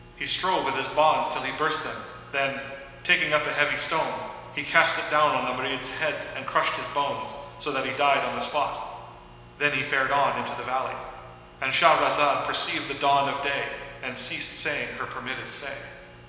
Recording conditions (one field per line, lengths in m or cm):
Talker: one person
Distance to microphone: 1.7 m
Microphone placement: close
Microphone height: 1.0 m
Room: very reverberant, large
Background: none